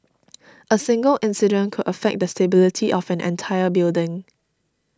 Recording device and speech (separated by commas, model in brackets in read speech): standing microphone (AKG C214), read sentence